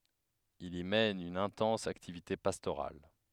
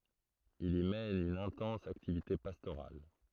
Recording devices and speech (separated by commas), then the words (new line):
headset microphone, throat microphone, read sentence
Il y mène une intense activité pastorale.